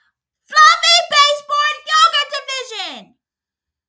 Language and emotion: English, angry